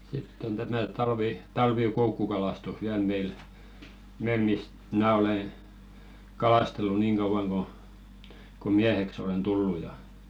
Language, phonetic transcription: Finnish, 'sitt ‿on tämä talvi- 'talvì"koukkukalastus "viäl meil , meil mist , 'mnä̀ olè , "kalàstellu 'niiŋ ɢauᵛaŋ ɢo , ko "miäheks ‿olen 'tullu ja .
- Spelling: sitten on tämä - talvikoukkukalastus vielä meillä meillä mistä minä olen kalastellut niin kauan kun kuin mieheksi olen tullut ja

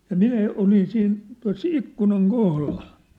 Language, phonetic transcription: Finnish, ja "minä 'olin 'siin , tua̭s "ikkunaŋ "kohlal .
- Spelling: ja minä olin siinä tuossa ikkunan kohdalla

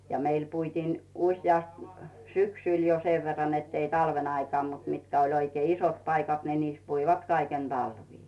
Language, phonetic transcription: Finnish, ja meil puitiin , usjast , 'syksỳl jo sev verran nettei 'talven ‿aikaa mut mitkä oĺ oikei 'isot paikat ni 'niis puivat 'kaiken 'Dalvii .
- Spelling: ja meillä puitiin useasti syksyllä jo sen verran että ei talven aikaan mutta mitkä oli oikein isot paikat niin niissä puivat kaiken talvea

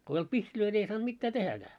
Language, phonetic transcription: Finnish, ko ei olt "pihtilöi ni ei saant 'mittää 'tehäkää .
- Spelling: kun ei ollut pihtejä niin ei saanut mitään tehdäkään

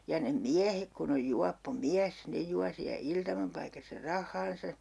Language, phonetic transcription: Finnish, ja ne "miähek kun ‿oj 'juappo "miäs , 'ne jua siä 'iltamapaikassa "rah̆haansa .
- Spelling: ja ne miehet kun on juoppo mies ne juo siellä iltamapaikassa rahansa

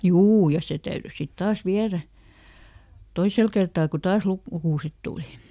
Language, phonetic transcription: Finnish, "juu ja ˈse ˈtäyry sit ˈtaas ˈviärä , "toisel kertaa ku "taas luk- , ˈlukùset ˈtùli .
- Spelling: juu ja se täytyi sitten taas viedä toisella kertaa kun taas - lukuset tuli

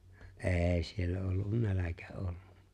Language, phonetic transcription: Finnish, ’e̬e̬ⁱ siellä ollun "näläkä '’ollu .
- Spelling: ei siellä ollut nälkä ollut

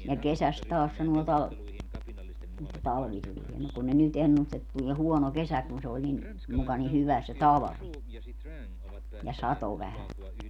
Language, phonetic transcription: Finnish, ja 'kesäst 'taas sanuo 'tal- , että 'talvi 'tulie muk kun ne 'nyt "ennust ‿et 'tulie "huono "kesä kun se oĺ nin , muka ni "hyvä se "talᵃvi , ja "sato 'vähä .
- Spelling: ja kesästä taas sanoo - että talvi tulee mutta kun ne nyt ennusti että tulee huono kesä kun se oli niin muka niin hyvä se talvi ja satoi vähän

